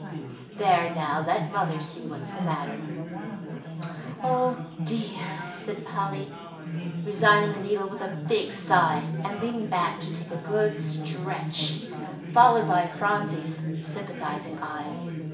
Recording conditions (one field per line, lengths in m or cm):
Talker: one person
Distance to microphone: 1.8 m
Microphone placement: close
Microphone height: 1.0 m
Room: large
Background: babble